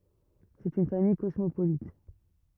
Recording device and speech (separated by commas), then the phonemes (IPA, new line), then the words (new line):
rigid in-ear microphone, read sentence
sɛt yn famij kɔsmopolit
C'est une famille cosmopolite.